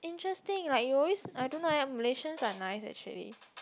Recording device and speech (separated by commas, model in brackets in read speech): close-talking microphone, conversation in the same room